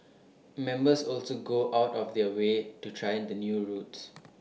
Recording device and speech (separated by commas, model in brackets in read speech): mobile phone (iPhone 6), read sentence